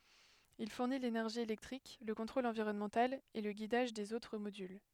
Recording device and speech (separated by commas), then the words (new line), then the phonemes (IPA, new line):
headset microphone, read sentence
Il fournit l'énergie électrique, le contrôle environnemental et le guidage des autres modules.
il fuʁni lenɛʁʒi elɛktʁik lə kɔ̃tʁol ɑ̃viʁɔnmɑ̃tal e lə ɡidaʒ dez otʁ modyl